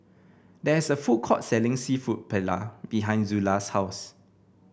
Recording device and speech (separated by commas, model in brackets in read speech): boundary microphone (BM630), read sentence